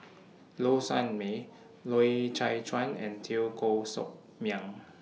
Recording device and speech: mobile phone (iPhone 6), read sentence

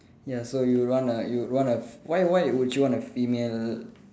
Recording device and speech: standing microphone, conversation in separate rooms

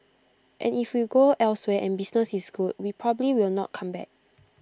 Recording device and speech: close-talking microphone (WH20), read sentence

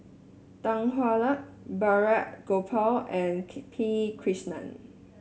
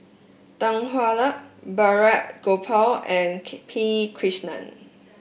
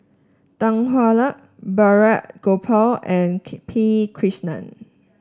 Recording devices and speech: mobile phone (Samsung S8), boundary microphone (BM630), standing microphone (AKG C214), read sentence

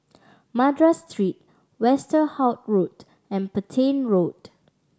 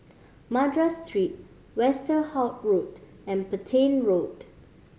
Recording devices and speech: standing microphone (AKG C214), mobile phone (Samsung C5010), read sentence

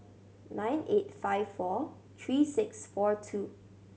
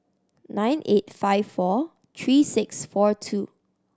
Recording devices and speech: mobile phone (Samsung C7100), standing microphone (AKG C214), read sentence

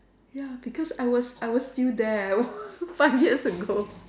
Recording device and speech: standing microphone, conversation in separate rooms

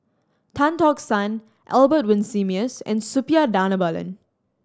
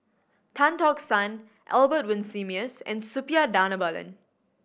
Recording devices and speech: standing microphone (AKG C214), boundary microphone (BM630), read sentence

